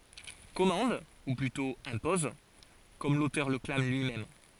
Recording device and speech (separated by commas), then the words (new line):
forehead accelerometer, read sentence
Commande, ou plutôt impose, comme l’auteur le clame lui-même.